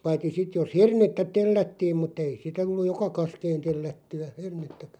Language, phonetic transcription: Finnish, 'paitti 'sit jos "hernettä 'tellättiim mut'ᵗ ‿ei 'sitᵃ̈ (t)ulluj "joka 'kaskeen 'tellätty₍ä , 'hernettäkᴀ̈ .
- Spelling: paitsi sitten jos hernettä tellättiin mutta ei sitä tullut joka kaskeen tellättyä hernettäkään

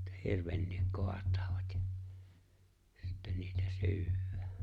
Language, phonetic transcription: Finnish, ᵉttä "hirvenniik "koat̀ᴀᴀvᴀt ᴊᴀ , 'sittɛⁿ niitä "sy̬yw̆wᴀ̈ᴀ̈ .
- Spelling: että hirvenkin kaatavat ja sitten niitä syödään

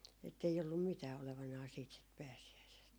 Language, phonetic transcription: Finnish, ettei ollum "mitää olevanaa siit sit 'pääsi₍äisest .
- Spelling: että ei ollut mitään olevanaan siitä sitten pääsiäisestä

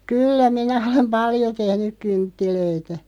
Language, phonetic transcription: Finnish, kyyllä 'minä olem "paljo 'tehnyᵏ 'kynttilöitä .
- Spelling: kyllä minä olen paljon tehnyt kynttilöitä

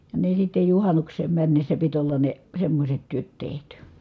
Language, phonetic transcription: Finnish, ja ne sitte juhanuks̀eem männessä pit ‿olla ne , semmośet työt tehty .
- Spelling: ja ne sitten juhannukseen mennessä piti olla ne semmoiset työt tehty

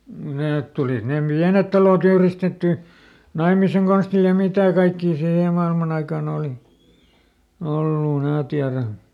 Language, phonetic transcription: Finnish, ˈneet tulit ne "piänet taloˈt ‿yhristettỳ , ˈnaimiseŋ konstil ja "mitä̀ kaikkii ˈsiihe mailman ‿aikaaˈn ‿ooli , ˈollu (em) ˈmää tiärä .
- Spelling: ne tulivat ne pienet talot yhdistettyä naimisen konstilla ja mitä kaikkea siihen maailman aikaan oli ollut en minä tiedä

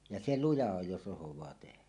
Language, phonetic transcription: Finnish, ja 'se "luja 'oj jos 'ˀosoẁaa tehä .
- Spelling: ja se luja on jos osataan tehdä

